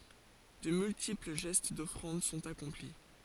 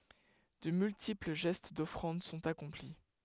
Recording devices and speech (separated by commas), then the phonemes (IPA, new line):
forehead accelerometer, headset microphone, read sentence
də myltipl ʒɛst dɔfʁɑ̃d sɔ̃t akɔ̃pli